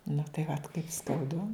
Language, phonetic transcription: Lithuanian, nu tai vat kaip skauˈdu

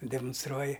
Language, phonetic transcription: Lithuanian, demunsˈtruoji

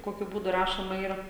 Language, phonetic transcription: Lithuanian, ˈkokiu ˈbūdu ˈrašoma ˈyra

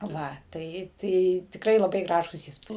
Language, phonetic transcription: Lithuanian, ˈva ˈtai ˈtai tikˈrai laˈbai ˈgražūs ˈįspūd

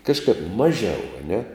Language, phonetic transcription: Lithuanian, ˈkažkap ˈmažiau a ˈne

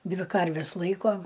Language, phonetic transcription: Lithuanian, ˈdvi ˈkarves ˈlaiko

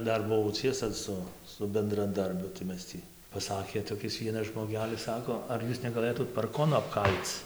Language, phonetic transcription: Lithuanian, ˈdar buˈvau ˈciesa ˈsu su bendraˈdarbiu tai ˈmes tį paˈsakė toˈkis ˈvienas žmoˈgelis ˈsako ar ˈjūs negaˈlɘtūt parˈkonu apˈkal'c

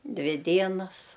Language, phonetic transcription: Lithuanian, ˈdvi ˈdienas

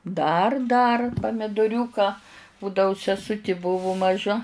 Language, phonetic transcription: Lithuanian, dar dar pamidoˈriūka ˈbūdau seˈsuti ˈbuvu maˈža

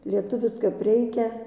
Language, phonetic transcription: Lithuanian, lieˈtuvis kap ˈreikia

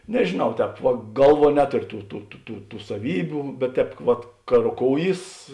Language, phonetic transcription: Lithuanian, nežėˈnau ˈtēp va ˈgalˌvuo ˈnetorio ˈtų tų tų tų tų saˈvybiu bet ˈtēp vat ka roˈkouˌjys

